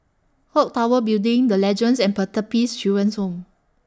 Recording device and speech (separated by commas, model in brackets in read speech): standing microphone (AKG C214), read sentence